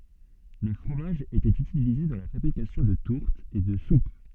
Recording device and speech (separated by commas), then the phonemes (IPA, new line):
soft in-ear microphone, read sentence
lə fʁomaʒ etɛt ytilize dɑ̃ la fabʁikasjɔ̃ də tuʁtz e də sup